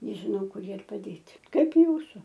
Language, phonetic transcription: Lithuanian, nežiˈnau ˈkur ˈjie ir paˈdėti ˈkaip ˈjūsu

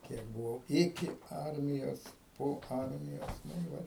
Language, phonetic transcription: Lithuanian, ˈkiek buˈvau ˈiki ˈarmijos po ˈarmijos ˈnu i ˈvat

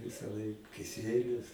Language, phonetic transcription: Lithuanian, visaˈlaik kiˈsielius

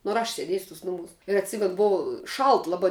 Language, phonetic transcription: Lithuanian, nu ar ˈaš sėˈdėsiu tus ˈnumūs ir atˈsimenu ˈbuvo ˈšalt laˈbai

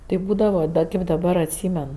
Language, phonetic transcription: Lithuanian, tai ˈbūdava ˈda kaip daˈbar atˈsymen

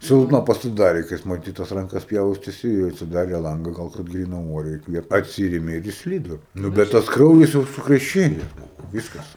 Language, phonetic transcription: Lithuanian, ˈsilpna pasiˈdarė ka ˈjis maˈtyt tas ranˈkas ˈpjaustesi ˈėjo atsiˈdarė ˈlanga ˈgal kad ˈgrynam ˈuore įkˈviept atˈsyrėme ir išˈslydo ˈnu bet ˈtas ˈkraujas jau sukreˈšėje ˈbuvo ˈvyskas

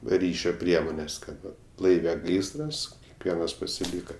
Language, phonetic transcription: Lithuanian, ˈryšio ˈpriemones ˈkad ˈva ˈlaive ˈgaisras ˈvienas pasiˈlyka

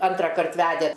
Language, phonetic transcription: Lithuanian, ˈantrakart ˈvæde

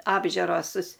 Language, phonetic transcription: Lithuanian, apˈžiuros

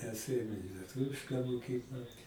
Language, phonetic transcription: Lithuanian, mes ˈėjom i lieˈtuvišką moˈkykla

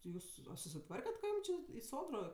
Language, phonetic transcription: Lithuanian, ti ˈjūs a susiˈtvarket ka ˈjūm čė i ˈsodro

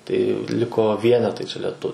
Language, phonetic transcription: Lithuanian, tai ˈliko ˈvienetai čia leˈtu

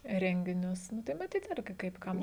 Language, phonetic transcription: Lithuanian, ˈrenginius nu tai maˈtyt ˈirgi kaip ˈkam

